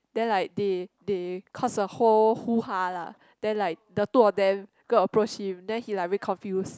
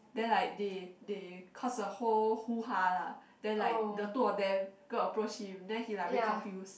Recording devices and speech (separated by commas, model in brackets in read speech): close-talking microphone, boundary microphone, conversation in the same room